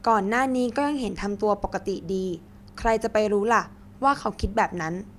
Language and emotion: Thai, neutral